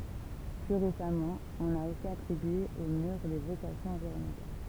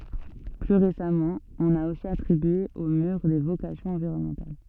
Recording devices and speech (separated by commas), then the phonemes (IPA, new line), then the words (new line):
temple vibration pickup, soft in-ear microphone, read sentence
ply ʁesamɑ̃ ɔ̃n a osi atʁibye o myʁ de vokasjɔ̃z ɑ̃viʁɔnmɑ̃tal
Plus récemment, on a aussi attribué au mur des vocations environnementales.